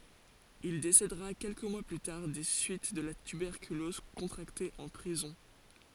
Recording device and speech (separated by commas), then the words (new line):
forehead accelerometer, read sentence
Il décédera quelques mois plus tard des suites de la tuberculose contractée en prison.